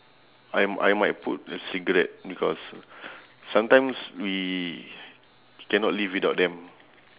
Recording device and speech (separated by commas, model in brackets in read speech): telephone, conversation in separate rooms